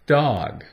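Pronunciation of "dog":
The vowel in 'dog' is the short O sound, said as an ah sound: d, ah, g.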